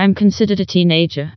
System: TTS, vocoder